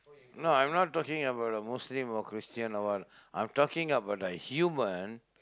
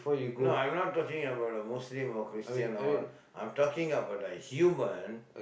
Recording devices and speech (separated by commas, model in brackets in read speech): close-talking microphone, boundary microphone, conversation in the same room